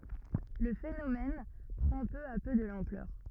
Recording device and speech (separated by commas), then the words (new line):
rigid in-ear microphone, read sentence
Le phénomène prend peu à peu de l'ampleur.